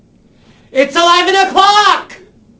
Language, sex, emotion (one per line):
English
male
angry